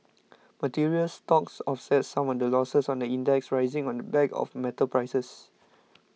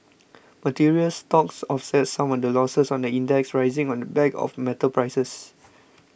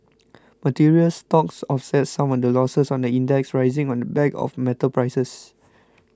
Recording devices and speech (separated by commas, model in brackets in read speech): mobile phone (iPhone 6), boundary microphone (BM630), close-talking microphone (WH20), read sentence